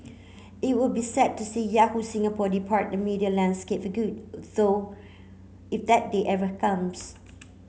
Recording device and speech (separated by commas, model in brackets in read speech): mobile phone (Samsung C9), read sentence